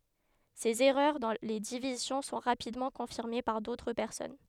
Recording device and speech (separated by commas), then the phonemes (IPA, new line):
headset microphone, read sentence
sez ɛʁœʁ dɑ̃ le divizjɔ̃ sɔ̃ ʁapidmɑ̃ kɔ̃fiʁme paʁ dotʁ pɛʁsɔn